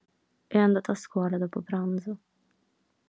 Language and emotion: Italian, sad